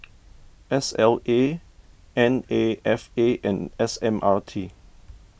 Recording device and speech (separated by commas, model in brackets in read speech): boundary microphone (BM630), read sentence